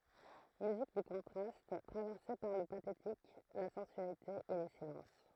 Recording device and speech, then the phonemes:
throat microphone, read sentence
myzik dy kɔ̃tʁast tʁavɛʁse paʁ lə patetik la sɑ̃syalite e le silɑ̃s

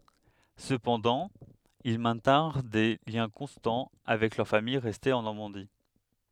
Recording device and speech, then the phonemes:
headset microphone, read sentence
səpɑ̃dɑ̃ il mɛ̃tɛ̃ʁ de ljɛ̃ kɔ̃stɑ̃ avɛk lœʁ famij ʁɛste ɑ̃ nɔʁmɑ̃di

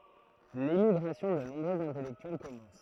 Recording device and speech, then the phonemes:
throat microphone, read sentence
lemiɡʁasjɔ̃ də nɔ̃bʁøz ɛ̃tɛlɛktyɛl kɔmɑ̃s

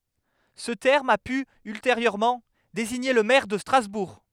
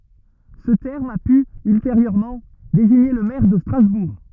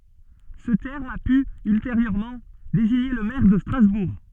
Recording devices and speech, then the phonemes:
headset microphone, rigid in-ear microphone, soft in-ear microphone, read sentence
sə tɛʁm a py ylteʁjøʁmɑ̃ deziɲe lə mɛʁ də stʁazbuʁ

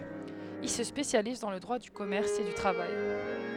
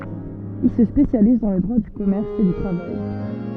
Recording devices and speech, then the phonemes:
headset microphone, soft in-ear microphone, read sentence
il sə spesjaliz dɑ̃ lə dʁwa dy kɔmɛʁs e dy tʁavaj

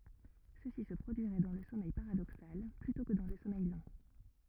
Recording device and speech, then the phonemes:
rigid in-ear microphone, read sentence
səsi sə pʁodyiʁɛ dɑ̃ lə sɔmɛj paʁadoksal plytɔ̃ kə dɑ̃ lə sɔmɛj lɑ̃

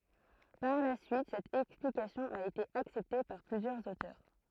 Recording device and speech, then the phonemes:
throat microphone, read sentence
paʁ la syit sɛt ɛksplikasjɔ̃ a ete aksɛpte paʁ plyzjœʁz otœʁ

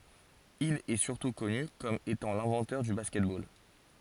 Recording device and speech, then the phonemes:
forehead accelerometer, read sentence
il ɛə syʁtu kɔny kɔm etɑ̃ lɛ̃vɑ̃tœʁ dy baskɛt bol

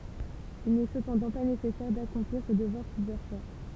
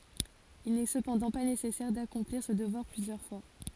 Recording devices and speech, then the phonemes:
temple vibration pickup, forehead accelerometer, read sentence
il nɛ səpɑ̃dɑ̃ pa nesɛsɛʁ dakɔ̃pliʁ sə dəvwaʁ plyzjœʁ fwa

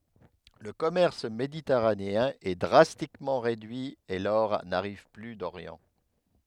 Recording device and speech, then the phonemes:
headset microphone, read sentence
lə kɔmɛʁs meditɛʁaneɛ̃ ɛ dʁastikmɑ̃ ʁedyi e lɔʁ naʁiv ply doʁjɑ̃

